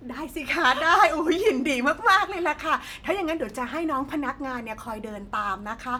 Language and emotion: Thai, happy